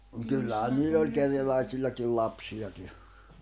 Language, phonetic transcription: Finnish, nᵒ 'kyllähän niill ‿oĺ 'kerjälä̀isilläkil 'lapsi₍aki .
- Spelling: no kyllähän niillä oli kerjäläisilläkin lapsiakin

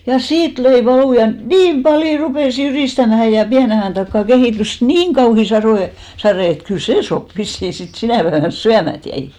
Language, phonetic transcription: Finnish, ja "siit 'löi 'valù ja , "niim paljo 'rupès 'jyrìstämähä ja 'piäne ajàn takkà 'kehìtys "niiŋ kauhi 'sarò , 'sarè et 'kyl "see sop vissì sit 'sinä̀ päevän "syämät jäi .
- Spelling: ja siitä löi valu ja niin paljon rupesi jyristämään ja pienen ajan takaa kehittyi niin kauhea sado sade että kyllä se soppa vissiin sitten sinä päivänä syömättä jäi

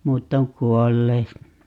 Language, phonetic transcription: Finnish, "muutt ‿oŋ 'kuollee(t) .
- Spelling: muut on kuolleet

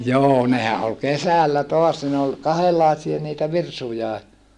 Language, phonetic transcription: Finnish, joo nehä ʼol kesällä toas ne ol , kahellaesia niitä virsujae .
- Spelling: joo nehän oli kesällä taas ne oli kahdenlaisia niitä virsujakin

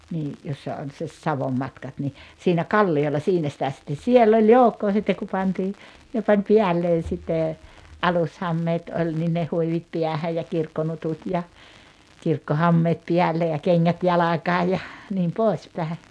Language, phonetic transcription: Finnish, nii , 'jossa on se , 'Savommatkat ni , siinä "kalli₍olla 'siinä sⁱtä sitten̬ "siell ‿oĺ "joukkoo sittek ku 'pantii , hyö pań "piälleen̬ sittè , "alushammeet 'oĺ nin ne 'huivit piähäj ja 'kirkkonutut ja , 'kirkko"hammeet 'piälle ja 'keŋŋät "jalakaa ja , niim 'pois pä̀e .
- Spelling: niin jossa on se Savonmatkat niin siinä kalliolla siinä sitä sitten siellä oli joukkoa sitten kun pantiin he pani päälleen sitten alushameet oli niin ne huivit päähän ja kirkkonutut ja kirkkohameet päälle ja kengät jalkaan ja niin pois päin

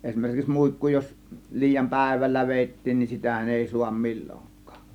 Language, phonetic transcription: Finnish, eśmerkiks 'muikku jos , 'liijam "pä̬̀ėvällä 'vèittiin nin "sitähän èi suam "mil͕l͕oŋk̆kAAk .
- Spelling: esimerkiksi muikku jos liian päivällä vedettiin niin sitähän ei saa milloinkaan

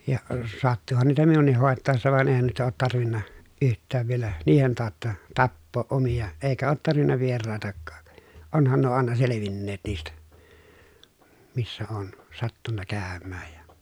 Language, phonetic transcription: Finnish, ja , sattuhan niitä minun̆nih hòettàessa van èi̮hän nuita oot tarvinna , yht̆tääv vielä , niihen taatta , tappooʼ ʼomiʲa , èikä oot tarvinna vieràetakkAA , onhan nuo àena selevinneet niistä , missä oon , sattunna kä̀ömmääj ja ,.
- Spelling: ja sattuihan niitä minunkin hoitaessa vaan eihän noita ole tarvinnut yhtään vielä niiden tautta tappaa omia eikä ole tarvinnut vieraitakaan onhan nuo aina selvinneet niistä missä olen sattunut käymään ja

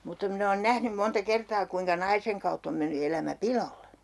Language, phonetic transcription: Finnish, mutta min ‿oon "nähnym 'monta 'kertaa kuiŋka 'naiseŋ kautt ‿om menny 'elämä "pilolle .
- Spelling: mutta minä olen nähnyt monta kertaa kuinka naisen kautta on mennyt elämä piloille

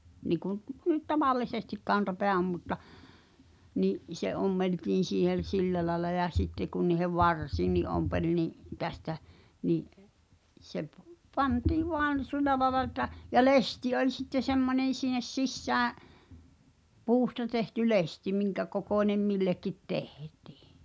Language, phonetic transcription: Finnish, niiku nyt "tavallisestik 'kantapeä om mutta , ni’ , 'se 'ommeltiin̬ siihe(n̬) "sillä laĕla ja 'sitte kun ni̳hev "varsiinni ’ompeĺ ni’ , 'tästä , ni’ , se p- , 'pantii 'voan , "sy̬l̆lä laᵉla et̆tä , ja "lesti oĺ sitte 'semmońen̬ sin̆nes 'sissää’ , 'puusta tehty "lesti , 'miŋkäkokòńem 'millekkit "tehtɪɪ .
- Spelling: niin kuin nyt tavallisesti kantapää on mutta niin se ommeltiin siihen sillä lailla ja sitten kun niiden varsiinkin ompeli niin tästä niin se - pantiin vain sillä lailla että ja lesti oli sitten semmoinen sinne sisään puusta tehty lesti minkäkokoinen millekin tehtiin

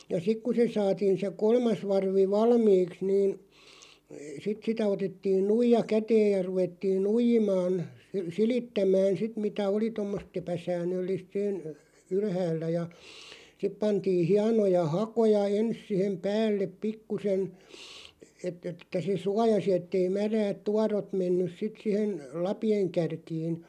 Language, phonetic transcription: Finnish, ja 'sik ku se 'saatiin se "kolmas 'varvi "valmiiks niin , 'sit sitä 'otettiin "nuija 'käteej ja 'ruvettiin "nuijimaan , "silittämään 'sit mitä oli 'tommos't ‿epä'sään̆nöllìst sen , "ylhäällä ja , 'sip pantii 'hianoja "hakoja "ens sihem "päällep 'pikkusen , 'et̆t ‿että se "suajasi 'ettei 'märäät "tuarot 'mennys 'sit sihen̬ , "lapi₍eŋ 'kärkiin̬ .
- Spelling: ja sitten kun se saatiin se kolmas varvi valmiiksi niin sitten sitä otettiin nuija käteen ja ruvettiin nuijimaan silittämään sitten mitä oli tuommoista epäsäännöllistä sen ylhäällä ja sitten pantiin hienoja hakoja ensin siihen päälle pikkuisen että että se suojasi että ei märät tuorot mennyt sitten siihen lapien kärkiin

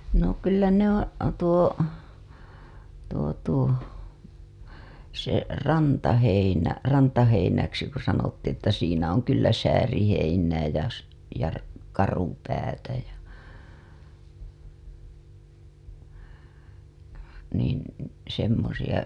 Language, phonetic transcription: Finnish, no kyllä ne ‿oo̰ , tuo , tuo tuo , se , "rantaheinä , 'rantaheinäksi ku sanottiiḭ ‿että siinä oŋ kyllä 'sääriheinää jä s- , ja r- , 'karupäätä ja , niin , semmosiʲa .
- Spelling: no kyllä ne on tuo tuo tuo se rantaheinä rantaheinäksi kun sanottiin että siinä on kyllä sääriheinää ja - ja - karupäätä ja niin semmoisia

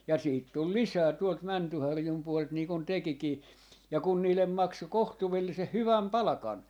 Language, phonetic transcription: Finnish, ja 'siit tul "lisää 'tuolt 'Mäntyharjum 'puolelt nii kun 'tekikii , ja 'kun niil̆lem 'makso "kohtuvelliseh "hyväm "palᵃkan .
- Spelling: ja sitten tuli lisää tuolta Mäntyharjun puolelta niin kuin tekikin ja kun niille maksoi kohtuullisen hyvän palkan

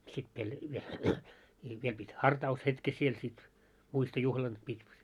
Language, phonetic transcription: Finnish, sit pel- , viel , i viel pit́ "harta₍us'hetke siel sit , 'muisto'juhlan pit́ .
- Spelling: sitten - vielä - vielä piti hartaushetken siellä sitten muistojuhlan piti

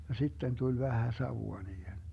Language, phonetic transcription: Finnish, ja 'sitten tuĺ 'vähä 'savua niihen .
- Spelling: ja sitten tuli vähän savua niihin

